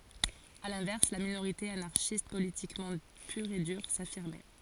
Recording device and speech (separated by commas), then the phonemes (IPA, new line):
forehead accelerometer, read sentence
a lɛ̃vɛʁs la minoʁite anaʁʃist politikmɑ̃ pyʁ e dyʁ safiʁmɛ